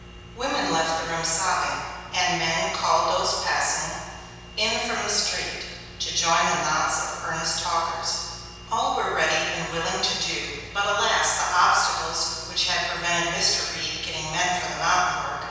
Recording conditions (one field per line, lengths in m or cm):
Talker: one person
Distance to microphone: 7.1 m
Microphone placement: far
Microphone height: 1.7 m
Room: very reverberant, large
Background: none